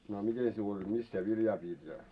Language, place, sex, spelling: Finnish, Moloskovitsa, male, no a miten sinulla oli missä sinä viljaa pidit ja
- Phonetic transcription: no a 'mite siul oĺ 'mis sie 'viljaa piit ja ?

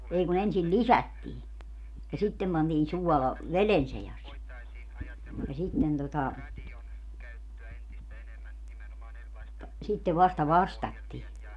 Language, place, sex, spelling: Finnish, Padasjoki, female, ei kun ensin lisättiin ja sitten pantiin suola veden seassa ja sitten tuota sitten vasta vastattiin
- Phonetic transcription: 'ei ku'n ‿ensil "lisättii , ja 'sittem pantiin 'suɔla , "velen 'sejas , ja 'sitten tota , 'sittev 'vasta "vastattii .

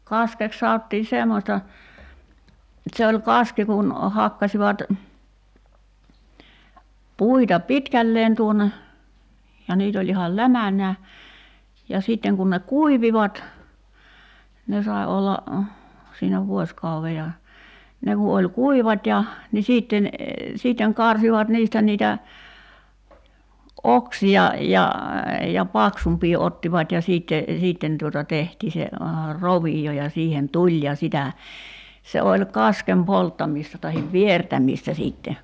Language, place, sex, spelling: Finnish, Kerimäki, female, kaskeksi sanottiin semmoista se oli kaski kun hakkasivat puita pitkälleen tuonne ja niitä oli ihan lämänään ja sitten kun ne kuivuivat ne sai olla siinä vuosikauden ja ne kun oli kuivat ja niin sitten sitten karsivat niistä niitä oksia ja ja paksumpia ottivat ja sitten sitten tuota tehtiin tehtiin se rovio ja siihen tuli ja sitä se oli kasken polttamista tai viertämistä sitten
- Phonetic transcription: 'kaskek 'saottii "semmośta , 'se oĺ "kaski kun , 'hakkasivat , 'puita "pitkälleen tuon̆ne , ja 'niit ‿oĺ ihal "lämäǹää , ja 'sìtteŋ kun ne "kuivivat , 'ne sai olla , siinä 'vuośkauve ja , 'ne ku oĺ "kuivat́ ja , ni 'siitten , siitteŋ 'karsivat "niistä niitä , '’oksi₍a ja , ja "paksump̀ii 'ottivat́ ja sìtte , sìtten tuota 'tehtii 'tehtii se , 'rovi₍o ja 'siihen "tuĺ ja 'sitä , 'se oĺ "kaskem 'polttamìsta tahiv "viertämìstä siitte .

